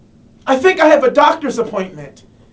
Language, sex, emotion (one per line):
English
male
fearful